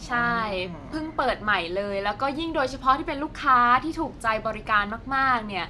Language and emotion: Thai, neutral